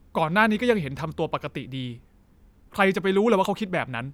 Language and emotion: Thai, frustrated